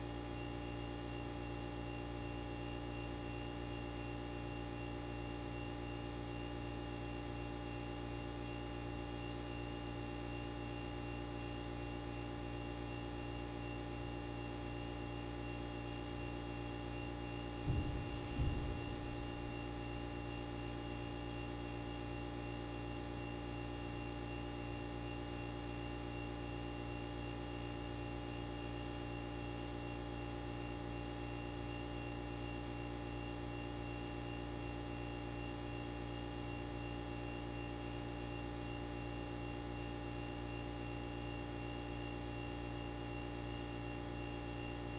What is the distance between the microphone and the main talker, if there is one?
No talker.